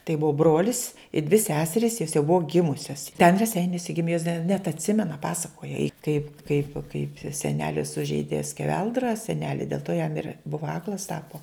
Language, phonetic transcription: Lithuanian, tai ˈbuvo ˈbrolis i dvi ˈseseris jos jau ˈbuvo ˈgimusias ten reˈseiniuose ˈgimė jos da net atˈsimena ˈpasakoja i kaip kaip kaip seˈneli sužeidė skeˈveldra seˈneli dėl to jam ir ˈbuva ˈaklas ˈtapo

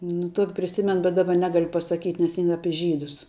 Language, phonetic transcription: Lithuanian, nu ˈtuoki priˈsimen bet ˈdaba ˈnegal' pasaˈkyt' nes in ˈapi ˈžydus

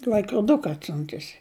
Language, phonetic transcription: Lithuanian, l'aikroˈduka atˈsiuntusi

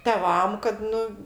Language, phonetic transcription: Lithuanian, teˈvam kad ˈnu

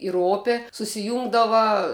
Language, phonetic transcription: Lithuanian, ir ˈopė susiˈjūngdava

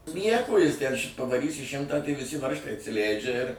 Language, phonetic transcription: Lithuanian, ˈnieko ˈjis ten š' pavaˈrysi ˈšimtą tai viˈsi ˈvaržtai atsiˈlæidžia ir

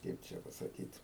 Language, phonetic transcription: Lithuanian, ˈkaip čia pasaˈkyt

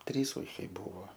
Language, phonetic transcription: Lithuanian, ˈtrys ˈūkiai ˈbūvo

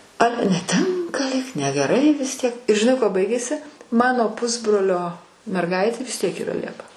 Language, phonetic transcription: Lithuanian, ˈale neˈtinka lyg negeˈrai vis ˈtiek ir žiˈnai ˈkuo ˈbaigėsi ˈmano ˈpusbrolio merˈgaitė vis ˈtiek yˈra ˈliepa

